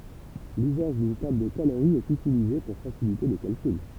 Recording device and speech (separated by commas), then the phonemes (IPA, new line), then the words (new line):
temple vibration pickup, read sentence
lyzaʒ dyn tabl də kaloʁi ɛt ytilize puʁ fasilite le kalkyl
L'usage d'une table de calorie est utilisée pour faciliter les calculs.